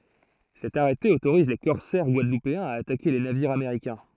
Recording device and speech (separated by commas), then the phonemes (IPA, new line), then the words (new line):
throat microphone, read sentence
sɛt aʁɛte otoʁiz le kɔʁsɛʁ ɡwadlupeɛ̃z a atake le naviʁz ameʁikɛ̃
Cet arrêté autorise les corsaires guadeloupéens à attaquer les navires américains.